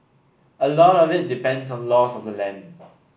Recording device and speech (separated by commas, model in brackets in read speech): boundary microphone (BM630), read sentence